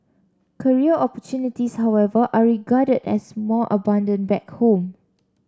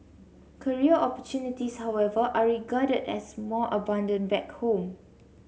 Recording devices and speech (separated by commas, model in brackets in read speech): standing microphone (AKG C214), mobile phone (Samsung C7), read sentence